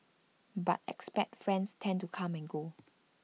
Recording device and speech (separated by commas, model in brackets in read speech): mobile phone (iPhone 6), read sentence